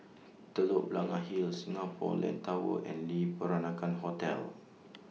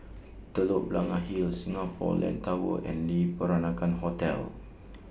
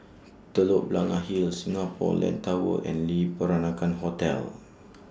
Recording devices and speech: mobile phone (iPhone 6), boundary microphone (BM630), standing microphone (AKG C214), read sentence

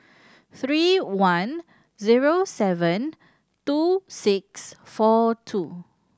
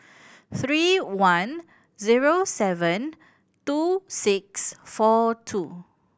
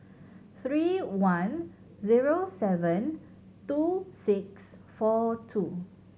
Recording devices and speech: standing microphone (AKG C214), boundary microphone (BM630), mobile phone (Samsung C7100), read sentence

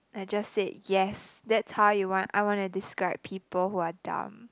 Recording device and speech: close-talking microphone, conversation in the same room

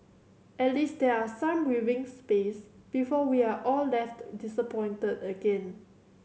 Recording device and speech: mobile phone (Samsung C7100), read sentence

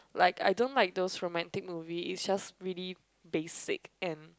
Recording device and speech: close-talking microphone, conversation in the same room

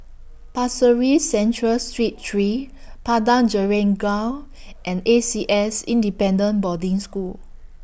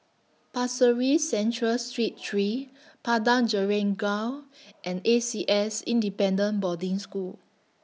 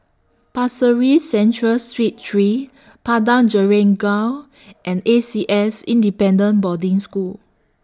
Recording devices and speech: boundary microphone (BM630), mobile phone (iPhone 6), standing microphone (AKG C214), read sentence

